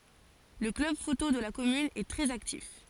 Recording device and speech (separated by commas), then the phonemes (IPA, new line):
forehead accelerometer, read sentence
lə klœb foto də la kɔmyn ɛ tʁɛz aktif